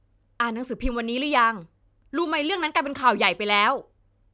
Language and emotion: Thai, frustrated